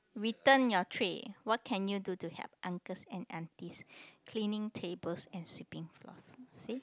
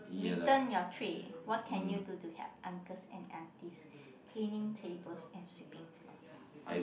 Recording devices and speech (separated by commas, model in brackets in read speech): close-talking microphone, boundary microphone, conversation in the same room